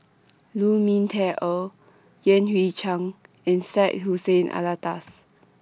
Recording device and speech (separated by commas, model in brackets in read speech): standing microphone (AKG C214), read sentence